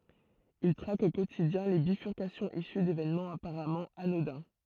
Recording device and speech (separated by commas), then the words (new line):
throat microphone, read sentence
Il traque au quotidien les bifurcations issues d'événements apparemment anodins.